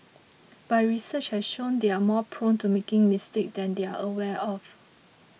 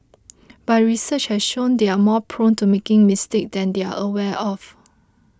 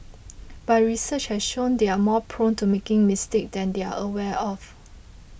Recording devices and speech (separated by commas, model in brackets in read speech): mobile phone (iPhone 6), close-talking microphone (WH20), boundary microphone (BM630), read sentence